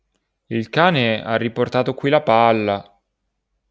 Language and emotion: Italian, sad